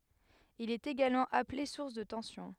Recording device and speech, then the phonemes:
headset microphone, read sentence
il ɛt eɡalmɑ̃ aple suʁs də tɑ̃sjɔ̃

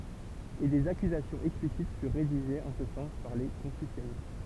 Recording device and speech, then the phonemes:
temple vibration pickup, read sentence
e dez akyzasjɔ̃z ɛksplisit fyʁ ʁediʒez ɑ̃ sə sɑ̃s paʁ le kɔ̃fysjanist

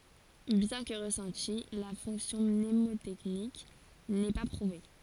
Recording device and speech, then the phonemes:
forehead accelerometer, read sentence
bjɛ̃ kə ʁəsɑ̃ti la fɔ̃ksjɔ̃ mnemotɛknik nɛ pa pʁuve

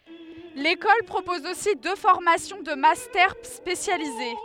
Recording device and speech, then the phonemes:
headset microphone, read sentence
lekɔl pʁopɔz osi dø fɔʁmasjɔ̃ də mastɛʁ spesjalize

